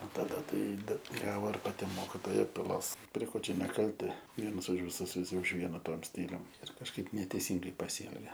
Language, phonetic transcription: Lithuanian, o taˈda ˈtai ˈbet ˈgavo ir paˈti ˈmokitoja piˈlos pre ˈko čia neˈkalti ˈvienas už viˈsus viˈsi už ˈviena ˈtuom ˈstylium ir kažˈkaip neteiˈsyngai paˈsyelge

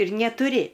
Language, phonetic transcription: Lithuanian, ir netuˈri

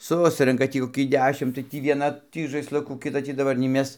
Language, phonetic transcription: Lithuanian, ˈsusrenka ˈtį koˈkį ˈdešim tai ˈtį vieˈna ˈtį žaisˈlukų kiˈta ˈtį daˈbar nei ˈmes

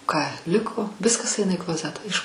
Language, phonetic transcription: Lithuanian, ką ˈliko ˈviskas ˈaina į kloˈzetą iš

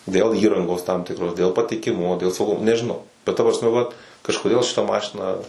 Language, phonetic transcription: Lithuanian, dėl ˈįrangos tam ˈtikros dėl patikiˈmumo dėl sauˈgumo nežiˈnau bet ta prasˈme vat kažkoˈdėl šiˈta ˈmašina

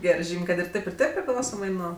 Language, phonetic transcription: Lithuanian, ˈgerɜ ˈžym' ˈkad ir ˈtėp ir ˈtėp priˈklausomai ˈnuo

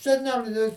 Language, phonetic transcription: Lithuanian, seˈneli

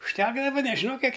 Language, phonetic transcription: Lithuanian, užˈtekdava nežiˈnau ˈkiek

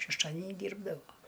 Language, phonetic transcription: Lithuanian, šešˈtadeni ˈdyrbdavo

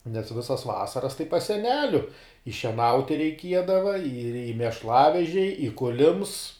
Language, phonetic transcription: Lithuanian, nes ˈvisas ˈvasaras tai pas seˈneliu i šieˈnauti reiˈkiedava ir i mešˈlavežiai i ˈkulims

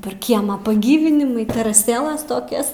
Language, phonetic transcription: Lithuanian, per ˈkiemą paˈgyvinimui teraˈsėlas toˈkias

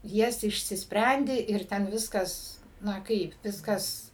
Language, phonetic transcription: Lithuanian, ˈjas išsisˈprendi ir ˈten ˈviskas ˈna ˈkaip ˈviskas

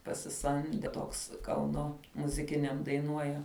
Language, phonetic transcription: Lithuanian, pasiˈsamde ˈtoks ˈkauno muziˈkiniam daiˈnuoja

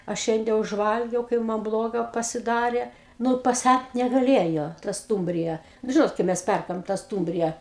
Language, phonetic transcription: Lithuanian, a ˈšiande užˈvalgiau ˈkaip man ˈbloga pasiˈdarė ˈnu paˈsæt negaˈlėjo ta ˈstūmbrija nu ˈžinot kai ˈmes ˈperkam ta ˈstūmbrija

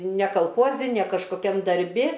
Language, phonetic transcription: Lithuanian, ne kalˈchuozi ne kažkoˈkiam darˈbi

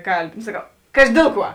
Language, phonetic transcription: Lithuanian, ˈkalˌbi no saˈkau ˈkaži ˈdėl ˌkuo

